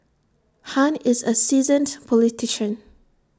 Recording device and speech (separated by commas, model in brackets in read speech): standing microphone (AKG C214), read sentence